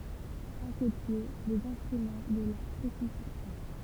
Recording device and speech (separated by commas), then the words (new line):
temple vibration pickup, read sentence
À ses pieds, les instruments de la crucifixion.